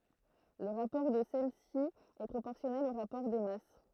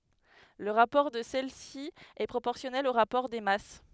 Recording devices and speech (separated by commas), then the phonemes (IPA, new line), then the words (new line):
throat microphone, headset microphone, read sentence
lə ʁapɔʁ də sɛlɛsi ɛ pʁopɔʁsjɔnɛl o ʁapɔʁ de mas
Le rapport de celles-ci est proportionnel au rapport des masses.